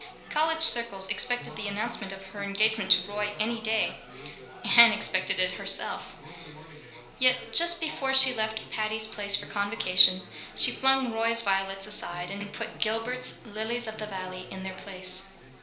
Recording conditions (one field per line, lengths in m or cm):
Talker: one person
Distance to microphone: 1.0 m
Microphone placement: close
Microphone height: 1.1 m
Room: small (3.7 m by 2.7 m)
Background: babble